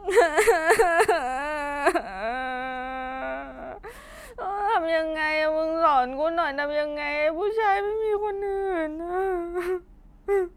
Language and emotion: Thai, sad